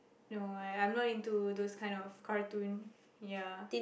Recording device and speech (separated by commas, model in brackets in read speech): boundary microphone, conversation in the same room